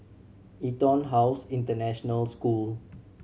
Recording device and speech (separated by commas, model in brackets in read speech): mobile phone (Samsung C7100), read sentence